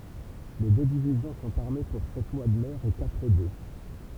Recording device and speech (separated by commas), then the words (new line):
temple vibration pickup, read sentence
Les deux divisions sont armées pour sept mois de mer et quatre d’eau.